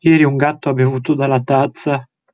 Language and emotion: Italian, sad